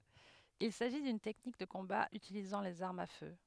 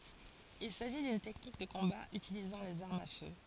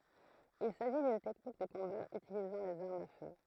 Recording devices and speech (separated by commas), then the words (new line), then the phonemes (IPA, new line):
headset microphone, forehead accelerometer, throat microphone, read sentence
Il s'agit d'une technique de combat utilisant les armes à feu.
il saʒi dyn tɛknik də kɔ̃ba ytilizɑ̃ lez aʁmz a fø